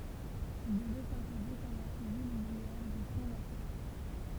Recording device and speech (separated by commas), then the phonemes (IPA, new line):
temple vibration pickup, read sentence
il dəvɛ sɛ̃poze kɔm la ʃəvil uvʁiɛʁ dy fʁɔ̃ nasjonal